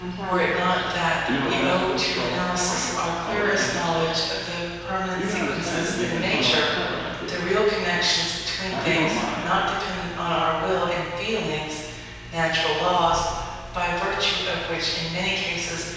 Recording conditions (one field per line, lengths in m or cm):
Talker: one person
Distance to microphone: 7.1 m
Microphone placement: far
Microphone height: 1.7 m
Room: very reverberant, large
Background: television